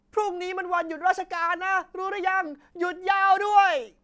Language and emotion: Thai, happy